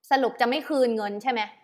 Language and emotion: Thai, angry